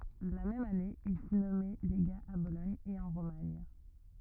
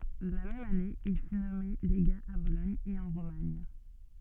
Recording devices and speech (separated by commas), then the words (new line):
rigid in-ear microphone, soft in-ear microphone, read sentence
La même année, il fut nommé légat à Bologne et en Romagne.